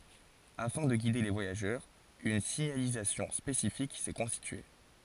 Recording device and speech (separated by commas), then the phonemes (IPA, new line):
forehead accelerometer, read sentence
afɛ̃ də ɡide le vwajaʒœʁz yn siɲalizasjɔ̃ spesifik sɛ kɔ̃stitye